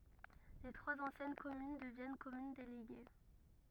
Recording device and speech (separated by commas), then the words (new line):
rigid in-ear microphone, read sentence
Les trois anciennes communes deviennent communes déléguées.